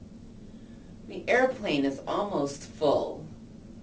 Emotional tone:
neutral